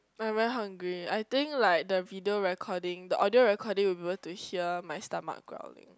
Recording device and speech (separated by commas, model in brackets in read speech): close-talking microphone, conversation in the same room